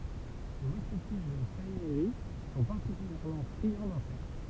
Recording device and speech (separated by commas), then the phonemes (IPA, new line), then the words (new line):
temple vibration pickup, read sentence
lə wistiti e lə saimiʁi sɔ̃ paʁtikyljɛʁmɑ̃ fʁiɑ̃ dɛ̃sɛkt
Le ouistiti et le saïmiri sont particulièrement friands d'insectes.